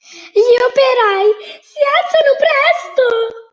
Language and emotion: Italian, happy